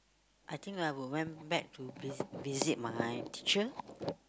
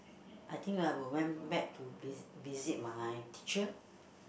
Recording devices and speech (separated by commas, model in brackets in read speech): close-talking microphone, boundary microphone, conversation in the same room